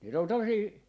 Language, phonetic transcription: Finnish, niit ‿on ('tuommosii) ,.
- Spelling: niitä on tuommoisia

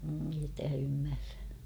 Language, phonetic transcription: Finnish, ei (te) ymmärrä .
- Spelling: ei te ymmärrä

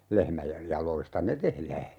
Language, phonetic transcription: Finnish, 'lehmäjej 'jaloista "ne tehlää .
- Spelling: lehmien jaloista ne tehdään

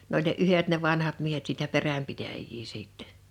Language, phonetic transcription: Finnish, n ‿oĺ ne "’yhet ne 'vanhat 'miehet siitä 'perämpitäjjii siittɛ .
- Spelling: ne oli ne yhdet ne vanhat miehet siitä peränpitäjiä sitten

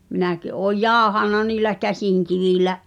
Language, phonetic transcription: Finnish, 'minäki ’ooj "jàohànna niilä 'käsìŋkivìlä’ ,.
- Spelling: minäkin olen jauhanut niillä käsinkivillä

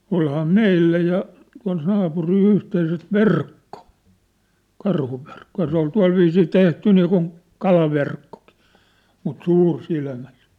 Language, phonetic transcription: Finnish, 'olhaa "meillä ja , tua̭l 'naapuril 'yhteiset "verkko , 'karhuverkko ja se ‿ ol 'tua̭lviisii 'tehty niikun , 'kalaverkkokɪ , mut 'suursilmäsᴇ- .
- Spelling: olihan meillä ja tuolla naapurilla yhteiset verkko karhuverkko ja se - oli tuolla viisiin tehty niin kuin kalaverkkokin mutta -

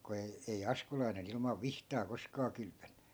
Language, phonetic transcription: Finnish, ku ei , ei 'askulainen ‿ilmav "vihtaa 'koskaa 'kylpönNY .
- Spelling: kun ei ei askulainen ilman vihtaa koskaan kylpenyt

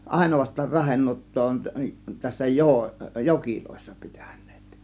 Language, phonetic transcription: Finnish, àėnovast̆taar "rahennuottoo on tässä 'joo- , "jokilòėssA pItÄN̆NEEt .
- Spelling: ainoastaan rahenuottaa on tässä - joissa pitäneet

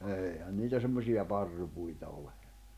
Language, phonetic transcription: Finnish, 'èihän niitä 'semmosiʲa 'parrupuita ole .
- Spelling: eihän niitä semmoisia parrupuita ole

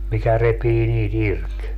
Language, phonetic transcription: Finnish, mikä 'repii nii't ‿irk .
- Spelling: mikä repii niitä irti

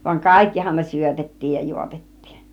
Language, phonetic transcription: Finnish, vaŋ "kàikkihan ne 'syötet̀tiij ja 'juotet̀tIIN .
- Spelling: vaan kaikkihan ne syötettiin ja juotettiin

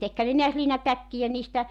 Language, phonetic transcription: Finnish, 'tekhän ne niäs 'liinatäkkijä niistä ,.
- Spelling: tekihän ne näet liinatäkkejä niistä

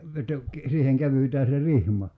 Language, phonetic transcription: Finnish, 'että , siiheŋ 'kävytää se "rihma .
- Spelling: että siihen kävytään se rihma

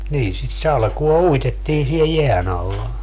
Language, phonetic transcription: Finnish, niin sit 'salkuo "uitettii sie "jeän ‿alla .
- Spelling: niin sitä salkoa uitettiin siellä jään alla

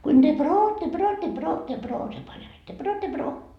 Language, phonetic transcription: Finnish, kuin ne » 'brootte 'brootte 'brootte broo » se pań ain että » 'brootte 'broo » .
- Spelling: kuinka ne brootte brootte brootte broo se pani aina että brootte broo

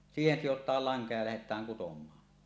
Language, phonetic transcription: Finnish, siihen sijot̀aal 'laŋka ja lähet̀ääŋ kutom̀aa .
- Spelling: siihen sidotaan lanka ja lähdetään kutomaan

